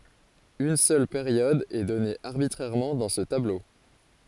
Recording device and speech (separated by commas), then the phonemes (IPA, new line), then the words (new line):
forehead accelerometer, read sentence
yn sœl peʁjɔd ɛ dɔne aʁbitʁɛʁmɑ̃ dɑ̃ sə tablo
Une seule période est donnée arbitrairement dans ce tableau.